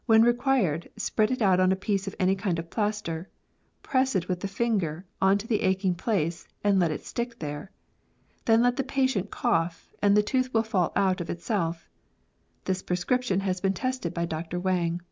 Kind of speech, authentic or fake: authentic